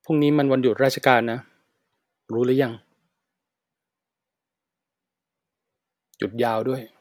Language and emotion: Thai, neutral